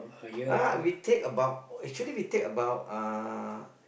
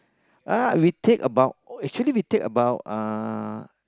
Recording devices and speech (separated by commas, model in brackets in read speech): boundary microphone, close-talking microphone, conversation in the same room